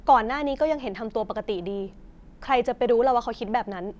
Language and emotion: Thai, frustrated